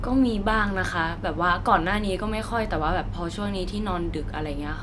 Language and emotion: Thai, neutral